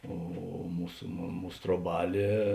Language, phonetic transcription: Lithuanian, ˈo ˈmūs ˈmūs troˈbalė

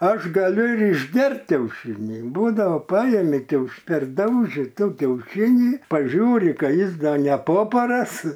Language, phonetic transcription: Lithuanian, ˈaš gaˈliu ir išˈgert kiauˈšinį ˈbūdavo ˈpajemi kiauš perˈdauži ˈto kiauˈšinį paˈžiūri ka ˈjis ˈda neˈpoparas

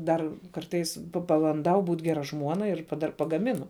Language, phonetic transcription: Lithuanian, ˈdar ˈkartais pabanˈdau ˈbūt ˈgera ˈžmuona ir dar pagaˈminu

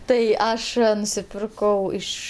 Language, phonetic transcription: Lithuanian, tai ˈaš nusiˈpirkau ˈiš

